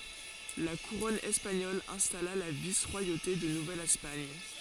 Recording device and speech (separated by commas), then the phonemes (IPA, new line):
forehead accelerometer, read sentence
la kuʁɔn ɛspaɲɔl ɛ̃stala la vis ʁwajote də nuvɛl ɛspaɲ